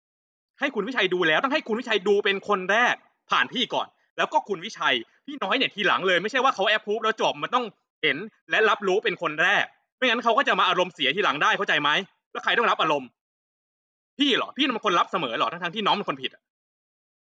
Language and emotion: Thai, angry